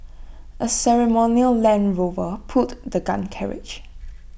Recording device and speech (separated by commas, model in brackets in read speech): boundary microphone (BM630), read sentence